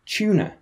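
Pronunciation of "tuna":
'Tuna' is said the British way, with a ch sound at the start instead of a t sound.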